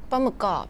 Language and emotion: Thai, neutral